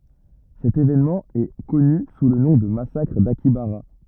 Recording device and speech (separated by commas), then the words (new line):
rigid in-ear microphone, read sentence
Cet événement est connu sous le nom de massacre d'Akihabara.